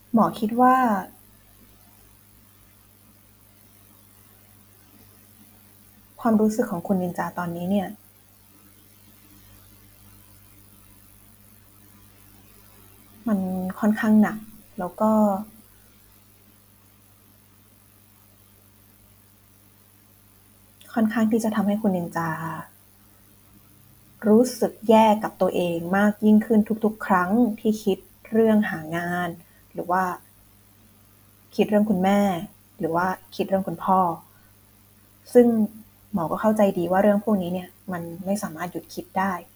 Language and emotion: Thai, frustrated